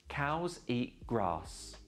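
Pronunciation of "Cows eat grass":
'Cows eat grass' is said a little slowly and deliberately, not at a native speaker's normal pace.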